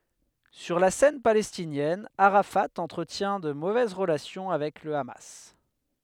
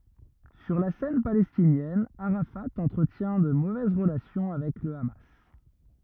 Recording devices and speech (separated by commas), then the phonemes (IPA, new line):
headset microphone, rigid in-ear microphone, read sentence
syʁ la sɛn palɛstinjɛn aʁafa ɑ̃tʁətjɛ̃ də movɛz ʁəlasjɔ̃ avɛk lə ama